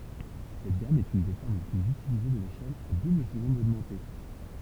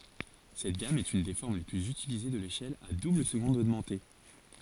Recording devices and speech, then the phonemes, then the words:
temple vibration pickup, forehead accelerometer, read sentence
sɛt ɡam ɛt yn de fɔʁm le plyz ytilize də leʃɛl a dubləzɡɔ̃d oɡmɑ̃te
Cette gamme est une des formes les plus utilisées de l'échelle à double-seconde augmentée.

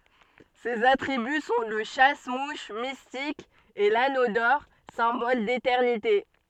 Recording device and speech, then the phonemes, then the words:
soft in-ear microphone, read sentence
sez atʁiby sɔ̃ lə ʃas muʃ mistik e lano dɔʁ sɛ̃bɔl detɛʁnite
Ses attributs sont le chasse-mouches mystique et l'anneau d'or, symbole d'éternité.

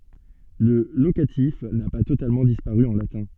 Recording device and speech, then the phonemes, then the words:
soft in-ear microphone, read sentence
lə lokatif na pa totalmɑ̃ dispaʁy ɑ̃ latɛ̃
Le locatif n'a pas totalement disparu en latin.

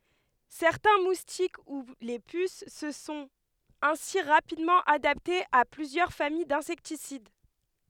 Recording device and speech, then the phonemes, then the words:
headset microphone, read sentence
sɛʁtɛ̃ mustik u le pys sə sɔ̃t ɛ̃si ʁapidmɑ̃ adaptez a plyzjœʁ famij dɛ̃sɛktisid
Certains moustiques, ou les puces se sont ainsi rapidement adaptés à plusieurs familles d'insecticides.

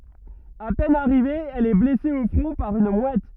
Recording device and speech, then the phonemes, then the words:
rigid in-ear microphone, read sentence
a pɛn aʁive ɛl ɛ blɛse o fʁɔ̃ paʁ yn mwɛt
À peine arrivée, elle est blessée au front par une mouette.

